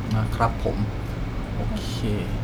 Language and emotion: Thai, frustrated